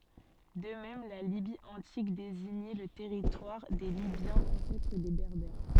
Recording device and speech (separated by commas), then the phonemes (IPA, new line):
soft in-ear microphone, read sentence
də mɛm la libi ɑ̃tik deziɲɛ lə tɛʁitwaʁ de libjɑ̃z ɑ̃sɛtʁ de bɛʁbɛʁ